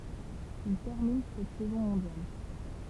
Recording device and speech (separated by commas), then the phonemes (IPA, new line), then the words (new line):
temple vibration pickup, read sentence
il tɛʁmin sɛt sɛzɔ̃ mɔ̃djal
Il termine cette saison mondial.